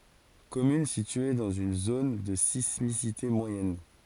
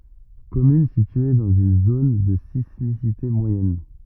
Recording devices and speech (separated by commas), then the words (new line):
forehead accelerometer, rigid in-ear microphone, read sentence
Commune située dans une zone de sismicité moyenne.